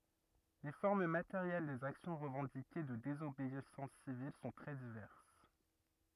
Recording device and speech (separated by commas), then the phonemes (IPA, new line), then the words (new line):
rigid in-ear microphone, read sentence
le fɔʁm mateʁjɛl dez aksjɔ̃ ʁəvɑ̃dike də dezobeisɑ̃s sivil sɔ̃ tʁɛ divɛʁs
Les formes matérielles des actions revendiquées de désobéissance civile sont très diverses.